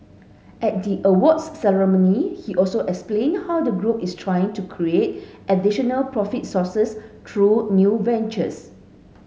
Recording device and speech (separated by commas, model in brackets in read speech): mobile phone (Samsung S8), read sentence